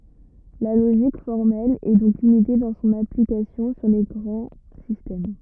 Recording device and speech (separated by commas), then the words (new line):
rigid in-ear microphone, read sentence
La logique formelle est donc limitée dans son application sur les grands systèmes.